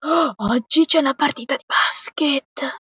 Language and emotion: Italian, surprised